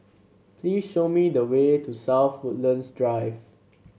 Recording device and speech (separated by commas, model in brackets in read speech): mobile phone (Samsung C7), read sentence